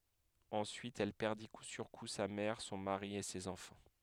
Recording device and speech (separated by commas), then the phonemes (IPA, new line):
headset microphone, read sentence
ɑ̃syit ɛl pɛʁdi ku syʁ ku sa mɛʁ sɔ̃ maʁi e sez ɑ̃fɑ̃